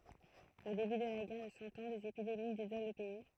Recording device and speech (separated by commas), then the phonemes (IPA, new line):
throat microphone, read sentence
o deby də la ɡɛʁ də sɑ̃ ɑ̃ dez epidemi dezolɑ̃ lə pɛi